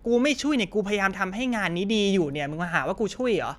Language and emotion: Thai, angry